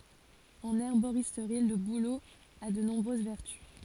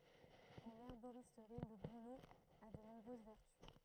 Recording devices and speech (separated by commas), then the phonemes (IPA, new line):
forehead accelerometer, throat microphone, read sentence
ɑ̃n ɛʁboʁistʁi lə bulo a də nɔ̃bʁøz vɛʁty